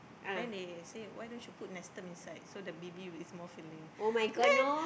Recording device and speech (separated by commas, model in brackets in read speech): boundary microphone, conversation in the same room